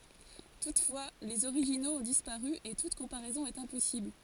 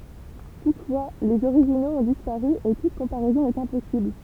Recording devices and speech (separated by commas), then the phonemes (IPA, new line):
forehead accelerometer, temple vibration pickup, read sentence
tutfwa lez oʁiʒinoz ɔ̃ dispaʁy e tut kɔ̃paʁɛzɔ̃ ɛt ɛ̃pɔsibl